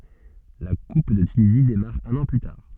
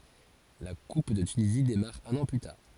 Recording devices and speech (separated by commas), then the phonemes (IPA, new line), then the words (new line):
soft in-ear microphone, forehead accelerometer, read sentence
la kup də tynizi demaʁ œ̃n ɑ̃ ply taʁ
La coupe de Tunisie démarre un an plus tard.